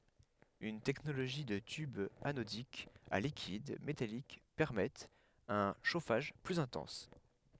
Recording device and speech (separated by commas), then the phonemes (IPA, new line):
headset microphone, read sentence
yn tɛknoloʒi də tybz anodikz a likid metalik pɛʁmɛtt œ̃ ʃofaʒ plyz ɛ̃tɑ̃s